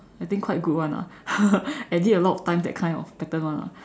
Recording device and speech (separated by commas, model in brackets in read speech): standing microphone, conversation in separate rooms